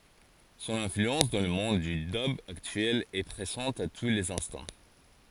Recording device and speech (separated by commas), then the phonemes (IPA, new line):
forehead accelerometer, read sentence
sɔ̃n ɛ̃flyɑ̃s dɑ̃ lə mɔ̃d dy dœb aktyɛl ɛ pʁezɑ̃t a tu lez ɛ̃stɑ̃